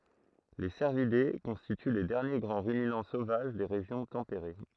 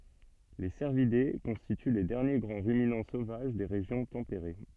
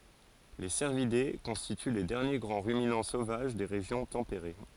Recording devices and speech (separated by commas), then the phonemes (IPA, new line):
throat microphone, soft in-ear microphone, forehead accelerometer, read sentence
le sɛʁvide kɔ̃stity le dɛʁnje ɡʁɑ̃ ʁyminɑ̃ sovaʒ de ʁeʒjɔ̃ tɑ̃peʁe